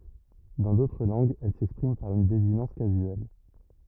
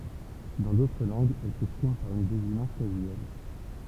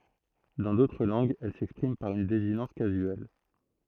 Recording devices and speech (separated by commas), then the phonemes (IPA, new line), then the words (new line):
rigid in-ear microphone, temple vibration pickup, throat microphone, read sentence
dɑ̃ dotʁ lɑ̃ɡz ɛl sɛkspʁim paʁ yn dezinɑ̃s kazyɛl
Dans d'autres langues, elle s'exprime par une désinence casuelle.